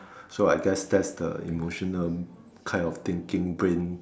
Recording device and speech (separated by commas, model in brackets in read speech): standing microphone, conversation in separate rooms